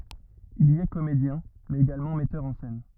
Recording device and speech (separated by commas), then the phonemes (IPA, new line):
rigid in-ear microphone, read sentence
il i ɛ komedjɛ̃ mɛz eɡalmɑ̃ mɛtœʁ ɑ̃ sɛn